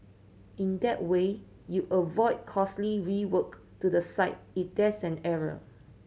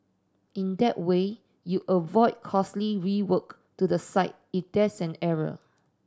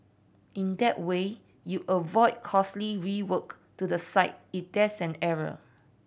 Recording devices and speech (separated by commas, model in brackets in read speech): mobile phone (Samsung C7100), standing microphone (AKG C214), boundary microphone (BM630), read sentence